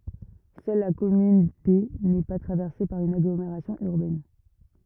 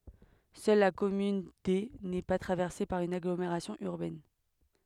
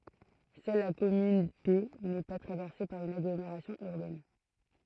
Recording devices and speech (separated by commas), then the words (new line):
rigid in-ear microphone, headset microphone, throat microphone, read sentence
Seule la commune D n’est pas traversée par une agglomération urbaine.